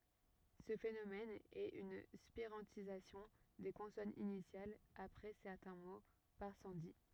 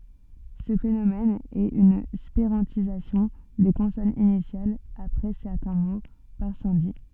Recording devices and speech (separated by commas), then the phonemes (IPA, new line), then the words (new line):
rigid in-ear microphone, soft in-ear microphone, read sentence
sə fenomɛn ɛt yn spiʁɑ̃tizasjɔ̃ de kɔ̃sɔnz inisjalz apʁɛ sɛʁtɛ̃ mo paʁ sɑ̃di
Ce phénomène est une spirantisation des consonnes initiales après certains mots, par sandhi.